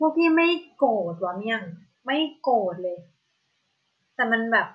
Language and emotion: Thai, frustrated